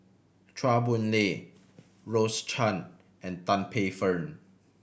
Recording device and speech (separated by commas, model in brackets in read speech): boundary microphone (BM630), read sentence